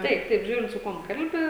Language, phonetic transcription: Lithuanian, ˈtaip ˈtaip ˈžiūrint su ˈkuom ˈkalbi

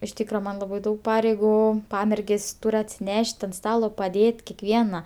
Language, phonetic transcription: Lithuanian, iš ˈtykra ˈman laˈbai ˈdaug ˈpareigu ˈpamergės' ˈtur' atsiˈneš't' ant ˈstalo paˈdėt' kekˈviena

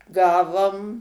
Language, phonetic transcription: Lithuanian, ˈgavom

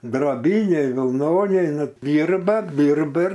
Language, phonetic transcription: Lithuanian, droˈbyniai vilˈnoniai ˈnu ˈdyrba ˈdyrba ir

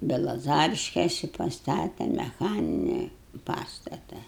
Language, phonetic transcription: Lithuanian, belaˈzariškėsi paˈstate meˈchaninėj ˈpastata

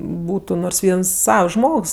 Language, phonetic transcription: Lithuanian, ˈbūtu nors ˈviens ˈsavs ˈžmogs

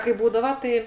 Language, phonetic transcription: Lithuanian, kai ˈbūdava ˈtai

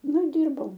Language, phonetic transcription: Lithuanian, ˈnu i ˈdyrbau

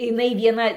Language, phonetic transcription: Lithuanian, iˈnai vieˈna

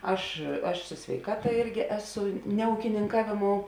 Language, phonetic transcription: Lithuanian, ˈaš aš su sveiˈkata ˈirgi ˈeˌsu ne ūkininˈkavėˌmou

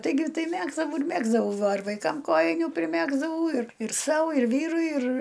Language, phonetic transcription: Lithuanian, taiˈgi ˈtai ˈmegzdavau ir ˈmegzdavau ˈva ir vaiˈkam ˈkojinių priˈmegzdavau ir ir ˈsau ir ˈvyrui ir

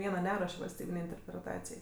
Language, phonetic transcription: Lithuanian, ˈviena ˈneruoš' valsˈtybinei interpreˈtacijai

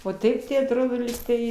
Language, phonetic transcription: Lithuanian, o ˈtaip tai atˈrodo ˈlygtai

